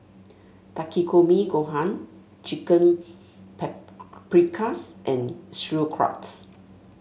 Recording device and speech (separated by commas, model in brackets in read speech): mobile phone (Samsung S8), read sentence